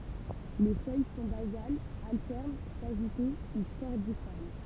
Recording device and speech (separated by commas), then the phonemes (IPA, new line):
temple vibration pickup, read sentence
le fœj sɔ̃ bazalz altɛʁn saʒite u kɔʁdifɔʁm